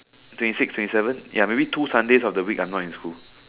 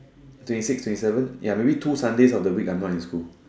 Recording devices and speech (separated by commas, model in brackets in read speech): telephone, standing microphone, conversation in separate rooms